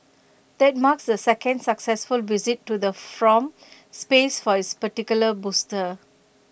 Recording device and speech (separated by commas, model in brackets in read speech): boundary microphone (BM630), read sentence